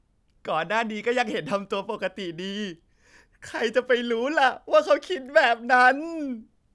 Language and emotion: Thai, happy